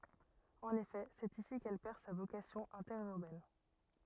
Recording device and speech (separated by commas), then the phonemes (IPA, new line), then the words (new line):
rigid in-ear microphone, read sentence
ɑ̃n efɛ sɛt isi kɛl pɛʁ sa vokasjɔ̃ ɛ̃tɛʁyʁbɛn
En effet c'est ici qu'elle perd sa vocation interurbaine.